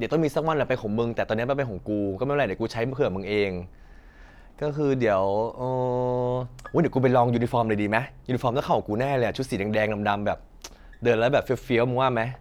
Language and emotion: Thai, happy